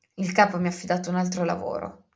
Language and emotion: Italian, angry